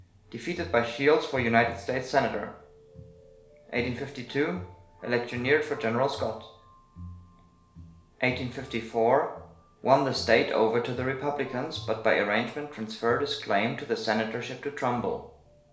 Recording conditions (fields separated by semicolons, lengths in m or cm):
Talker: one person; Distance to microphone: 1.0 m; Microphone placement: close; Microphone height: 1.1 m; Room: small (3.7 m by 2.7 m); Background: music